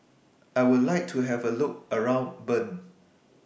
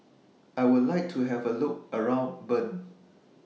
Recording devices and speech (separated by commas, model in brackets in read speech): boundary microphone (BM630), mobile phone (iPhone 6), read sentence